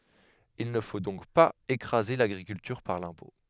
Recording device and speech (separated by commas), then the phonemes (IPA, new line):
headset microphone, read sentence
il nə fo dɔ̃k paz ekʁaze laɡʁikyltyʁ paʁ lɛ̃pɔ̃